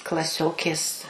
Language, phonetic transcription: Lithuanian, klaˈsiokės

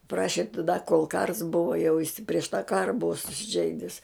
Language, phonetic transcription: Lithuanian, ˈpraši taˈda kol kars ˈbuva jau isi prieš tą ˈkara ˈbuva susiˈžeidis

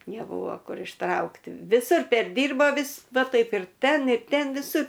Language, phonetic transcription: Lithuanian, neˈbuvo ˈkur išˈtraukti viˈsur perˈdyrbo ˈvis ˈva ˈtaip ir ˈten ir ˈten viˈsur

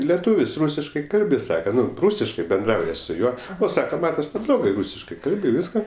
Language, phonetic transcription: Lithuanian, leˈtūvis ˈrūsiškai ˈkalbi ˈsaka ˈnu ˈrūsiškai benˈdrauja su ˈjuo ˈo ˈsaka ˈmatas neblˈogai ˈrūsiškai ˈkalbi ˈvyska

